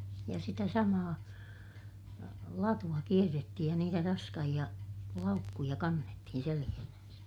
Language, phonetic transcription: Finnish, ja sitä samaa , latu₍a kierrettihij ja niitä raskahiʲa , laukkuja kannettihin seliʲähnänsä .
- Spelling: ja sitä samaa latua kierrettiin ja niitä raskaita laukkuja kannettiin selässään

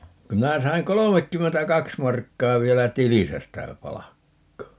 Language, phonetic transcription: Finnish, ku 'minä 'saiŋ "kolomekkymmentä"kaks 'markkaa 'vielä "tilisä stä 'palakkaa .
- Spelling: kun minä sain kolmekymmentäkaksi markkaa vielä tilissä sitä palkkaa

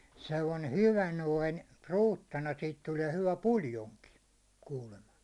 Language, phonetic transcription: Finnish, sellane "hyvä noin , "ruuttana siit 'tuliɛ hyvä "puljoŋki , kuulema .
- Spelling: sellainen hyvä noin ruutana siitä tulee hyvä puljonki kuulemma

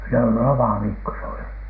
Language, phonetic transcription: Finnish, no "lomaviikko s ‿oli .
- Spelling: no lomaviikko se oli

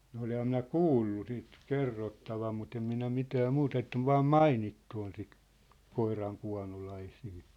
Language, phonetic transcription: Finnish, no oleham minä "kuullu sit , "kerrottavam mut ‿em minä 'mitää 'mu't ‿ett ‿ov 'vaam "mainittu on sit , 'koiraŋ'kua̭nolaisii .
- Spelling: no olenhan minä kuullut sitten kerrottavan mutta en minä mitään mutta että on vain mainittu on sitten koirankuonolaisia

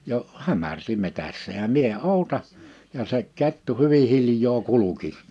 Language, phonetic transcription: Finnish, jo’ , 'hämär̳si 'metässä ja 'mie 'òuta , ja se 'kettu 'hyvi 'hilj̀oo "kuluki .
- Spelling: jo hämärsi metsässä ja minä odotan ja se kettu hyvin hiljaa kulki

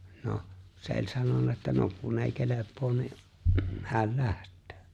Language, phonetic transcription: Finnish, 'noʰ , se ‿o͕ĺ 'sanona että » 'no , kun ei 'kelep̆poon ni , 'häl "läht̆tᴏ̈ᴏ̈ « .
- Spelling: no se oli sanonut että no kun ei kelpaa niin hän lähtee

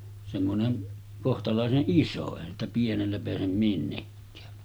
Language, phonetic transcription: Finnish, semmoneŋ 'kohtalàeseˀ "ˀiso , èihän ‿stä 'pienellä peäsem 'minnekkää .
- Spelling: semmoinen kohtalaisen iso eihän sitä pienellä pääse minnekään

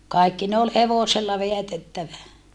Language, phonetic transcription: Finnish, kài̮kki ne ol hevosella veätettävä .
- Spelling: kaikki ne oli hevosella vedätettävä

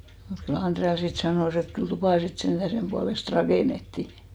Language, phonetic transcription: Finnish, mut kyl 'Anᴅrea sit 'sanòs ‿et 'kyl "tupà sit 'senᴅä 'semʙualest "rakènettì .
- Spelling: mutta kyllä Andrea sitten sanoi että kyllä tupa sitten sentään sen puolesta rakennettiin

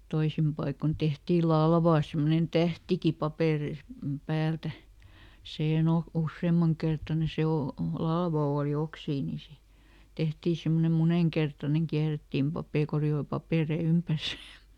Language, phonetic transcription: Finnish, ˈtoisim paikon ˈtehtii "lalvaa semmonen ˈtähtiki ˈpapèreis- , ˈpäältä , ˈsiihen ‿oh- , "usseemmaŋ kertane ˈse o- , "lalva ooli ˈoksii ni se , "tehtii ˈsimmonem ˈmuneŋkertaneŋ ˈkiärettiim ˈpapè- ˈkori₍oi "papèrei ˈympärs .
- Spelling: toisin paikoin tehtiin latvaan semmoinen tähtikin - päältä siihen - useamman kertainen se - latva oli oksiakin niin se tehtiin semmoinen monenkertainen käärittiin - koreiden papereiden ympäri

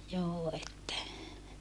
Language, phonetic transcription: Finnish, joo että , .
- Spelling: joo että

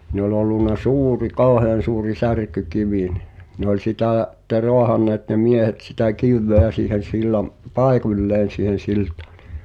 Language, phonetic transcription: Finnish, ni ‿ol ollun̆na "suuri 'kàohean̬ suuri 'särk̀y'kivì nɪh , ne ‿oĺ 'sitä̀ , [si]tte "roahanneet ne 'miehet sitä 'kìv̆veä siihen̬ 'sillam- , "paeku̳ĺleen̬ siihen̬ 'siltᴀᴀ ɴɪ ,.
- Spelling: niin oli ollut suuri kauhean suuri särkykivi niin ne oli sitä sitten raahanneet ne miehet sitä kiveä siihen - paikalleen siihen siltaan niin

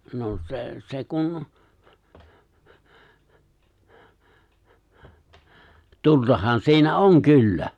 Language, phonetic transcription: Finnish, no 'se , se kun , 'tultahan si̬inä "oŋ 'kyllä .
- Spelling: no se se kun tultahan siinä on kyllä

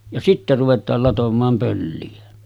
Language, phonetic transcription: Finnish, ja 'sitte ruvet̀aal 'latom̆maam pölli₍ä .
- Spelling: ja sitten ruvetaan latomaan pölliä

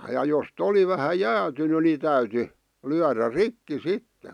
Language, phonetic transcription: Finnish, ja jos't ‿oli vähä 'jäätyny ni 'täyty , 'lyärä "rikki 'sittᴇ .
- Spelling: ja jos oli vähän jäätynyt niin täytyi lyödä rikki sitten

